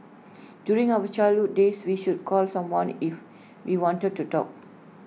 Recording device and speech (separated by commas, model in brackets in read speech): mobile phone (iPhone 6), read sentence